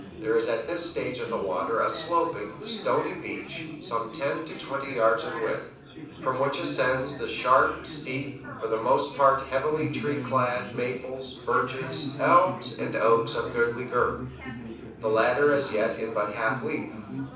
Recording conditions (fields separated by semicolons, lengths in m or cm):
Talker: one person; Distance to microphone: 5.8 m; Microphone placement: far; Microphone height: 1.8 m; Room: medium-sized (5.7 m by 4.0 m); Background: babble